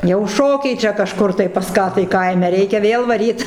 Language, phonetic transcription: Lithuanian, jau ˈšokiai ˈčia kaˈžkur tai pas ˈką tai ˈkaime ˈreikia ˈvėl vaˈryt

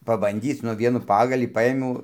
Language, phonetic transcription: Lithuanian, pabanˈdyc ˈnu ˈvienųˈ pagalį ˈpaėmiau

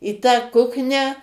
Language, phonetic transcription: Lithuanian, į tą ˈkuknią

